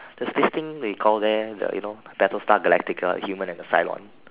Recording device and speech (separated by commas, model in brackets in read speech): telephone, conversation in separate rooms